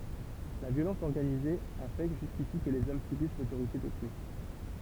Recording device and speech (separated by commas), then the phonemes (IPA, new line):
temple vibration pickup, read sentence
la vjolɑ̃s ɔʁɡanize a fɛ ʒyskisi kə lez ɔm sybis lotoʁite dotʁyi